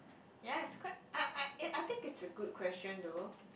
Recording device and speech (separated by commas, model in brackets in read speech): boundary microphone, conversation in the same room